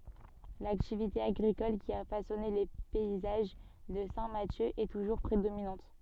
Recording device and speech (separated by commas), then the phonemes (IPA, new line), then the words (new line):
soft in-ear microphone, read sentence
laktivite aɡʁikɔl ki a fasɔne le pɛizaʒ də sɛ̃ masjø ɛ tuʒuʁ pʁedominɑ̃t
L'activité agricole qui a façonné les paysages de Saint-Mathieu est toujours prédominante.